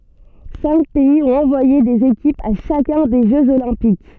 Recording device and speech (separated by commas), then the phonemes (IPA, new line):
soft in-ear microphone, read sentence
sɛ̃k pɛiz ɔ̃t ɑ̃vwaje dez ekipz a ʃakœ̃ de ʒøz olɛ̃pik